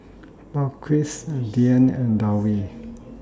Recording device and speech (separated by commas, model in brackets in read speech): standing microphone (AKG C214), read sentence